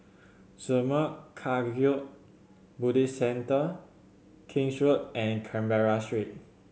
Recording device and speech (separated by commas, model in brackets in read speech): mobile phone (Samsung C7100), read sentence